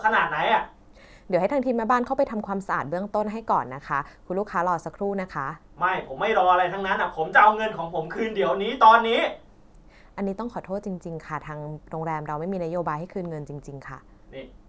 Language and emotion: Thai, angry